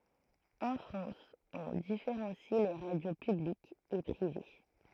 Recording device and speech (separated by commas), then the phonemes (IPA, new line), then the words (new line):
throat microphone, read sentence
ɑ̃ fʁɑ̃s ɔ̃ difeʁɑ̃si le ʁadjo pyblikz e pʁive
En France, on différencie les radios publiques et privées.